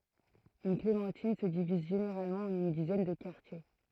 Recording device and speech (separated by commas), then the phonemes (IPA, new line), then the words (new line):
throat microphone, read sentence
yn klemɑ̃tin sə diviz ʒeneʁalmɑ̃ ɑ̃n yn dizɛn də kaʁtje
Une clémentine se divise généralement en une dizaine de quartiers.